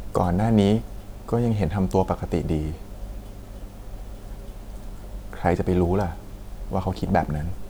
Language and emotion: Thai, sad